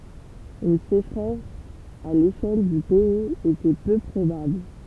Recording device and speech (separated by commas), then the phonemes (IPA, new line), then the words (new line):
temple vibration pickup, read sentence
yn seʃʁɛs a leʃɛl dy pɛiz etɛ pø pʁobabl
Une sécheresse à l'échelle du pays était peu probable.